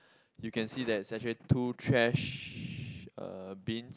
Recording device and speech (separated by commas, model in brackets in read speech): close-talking microphone, conversation in the same room